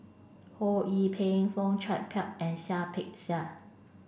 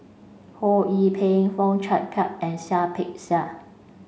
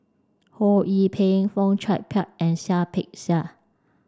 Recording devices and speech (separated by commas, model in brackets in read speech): boundary microphone (BM630), mobile phone (Samsung C5), standing microphone (AKG C214), read sentence